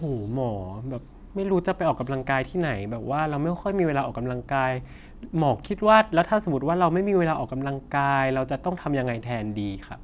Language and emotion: Thai, frustrated